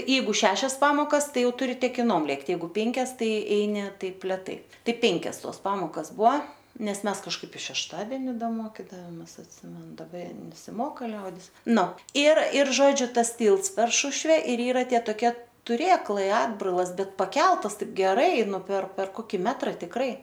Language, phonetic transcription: Lithuanian, ˈjeigu ˈšešias ˈpamokas ˈtai ˈjau ˈturi tekiˈnom ˈlėkt' jeiˈgu ˈpėnkias ˈtai ˈeini ˈtaip leˈtai ˈtai ˈpėnkias ˈtos ˈpamokas ˈbua ˈnes ˈmes kažˈkaip i šešˈtadeni ˈda ˈmokidavomės atˈsimenu daˈba nesiˈmoka ˈliaudis ˈnu ir ir ˈžodžiu ˈtas ˈtylts per ˈšušve ir ˈyra ˈtie toˈkie tuˈrėklai ˈatbrailas ˈbet paˈkeltas ˈtaip geˈrai ˈnu per per ˈkoki ˈmetra tikˈrai

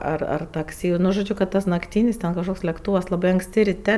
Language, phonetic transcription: Lithuanian, ar ar takˈsi nu žoˈdžiu kad nakˈtynis ten kažˈkoks lekˈtūvas laˈbai ankˈsti riˈte

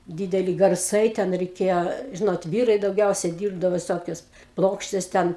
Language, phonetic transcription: Lithuanian, ˈdydeli garˈsai ˈten reiˈkėjo ˈžinot ˈvyrai dauˈgiausia ˈdyrbdavo viˈsokius ˈplokštes ˈten

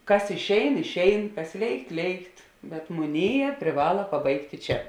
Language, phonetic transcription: Lithuanian, ˈkas išˈein išˈein ˈkas ˈlėikt ˈlėikt bet muˈnėˌjē priˈvala paˈbaigti ˈčia

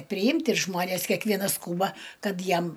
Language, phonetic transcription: Lithuanian, priˈimt' ir ˈžmones kekˈvienas ˈskūba ˈkad ˈjam

